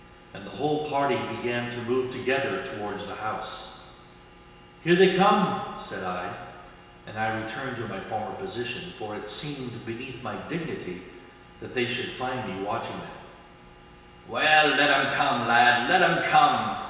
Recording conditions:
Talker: one person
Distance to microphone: 1.7 m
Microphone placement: close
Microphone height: 1.0 m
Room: very reverberant, large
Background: none

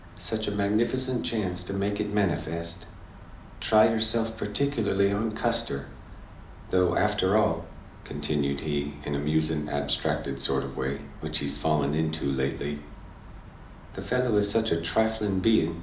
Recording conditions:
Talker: one person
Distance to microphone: 2.0 m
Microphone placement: close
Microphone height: 99 cm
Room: medium-sized (5.7 m by 4.0 m)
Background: none

